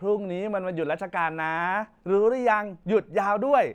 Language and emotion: Thai, happy